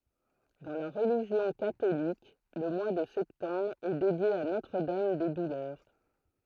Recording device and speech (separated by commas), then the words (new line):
throat microphone, read sentence
Dans la religion catholique, le mois de septembre est dédié à Notre-Dame des Douleurs.